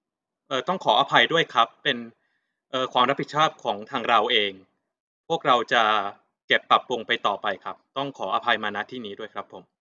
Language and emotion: Thai, neutral